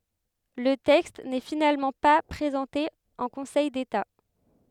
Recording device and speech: headset microphone, read sentence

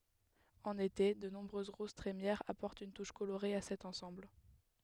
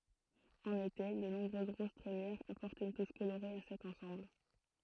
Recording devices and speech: headset microphone, throat microphone, read sentence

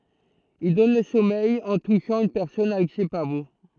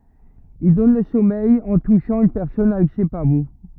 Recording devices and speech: throat microphone, rigid in-ear microphone, read sentence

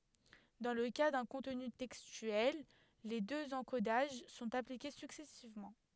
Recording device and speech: headset microphone, read sentence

